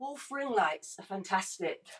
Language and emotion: English, surprised